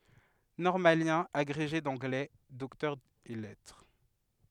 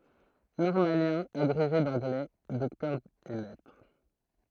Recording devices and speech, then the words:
headset microphone, throat microphone, read sentence
Normalien, agrégé d'anglais, docteur ès lettres.

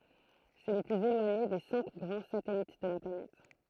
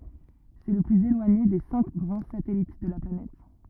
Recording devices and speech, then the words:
throat microphone, rigid in-ear microphone, read sentence
C'est le plus éloigné des cinq grands satellites de la planète.

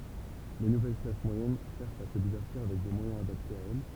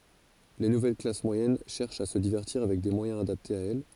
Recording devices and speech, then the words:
temple vibration pickup, forehead accelerometer, read sentence
Les nouvelles classes moyennes cherchent à se divertir avec des moyens adaptés à elles.

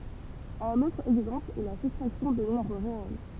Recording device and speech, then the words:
temple vibration pickup, read sentence
Un autre exemple est la soustraction des nombres réels.

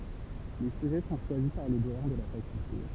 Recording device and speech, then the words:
temple vibration pickup, read sentence
Les sujets sont choisis par le doyen de la faculté.

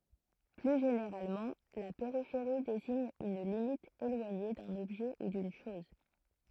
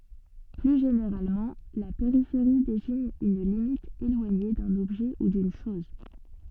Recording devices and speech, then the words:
throat microphone, soft in-ear microphone, read sentence
Plus généralement, la périphérie désigne une limite éloignée d'un objet ou d'une chose.

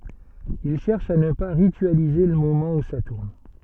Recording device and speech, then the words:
soft in-ear microphone, read sentence
Il cherche à ne pas ritualiser le moment où ça tourne.

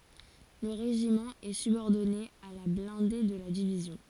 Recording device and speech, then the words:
forehead accelerometer, read sentence
Le régiment est subordonné à la blindée de la division.

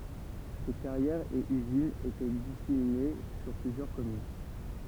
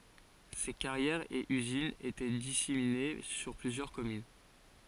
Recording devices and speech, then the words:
temple vibration pickup, forehead accelerometer, read sentence
Ces carrières et usines étaient disséminées sur plusieurs communes.

